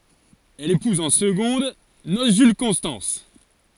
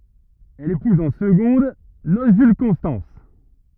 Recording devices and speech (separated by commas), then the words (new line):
forehead accelerometer, rigid in-ear microphone, read sentence
Elle épouse en secondes noces Jules Constance.